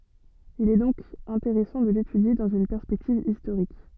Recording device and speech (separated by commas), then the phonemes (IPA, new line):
soft in-ear microphone, read sentence
il ɛ dɔ̃k ɛ̃teʁɛsɑ̃ də letydje dɑ̃z yn pɛʁspɛktiv istoʁik